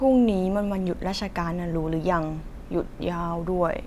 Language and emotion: Thai, frustrated